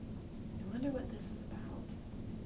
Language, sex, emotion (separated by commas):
English, female, neutral